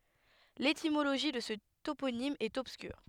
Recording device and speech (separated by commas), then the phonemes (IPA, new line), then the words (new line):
headset microphone, read sentence
letimoloʒi də sə toponim ɛt ɔbskyʁ
L'étymologie de ce toponyme est obscure.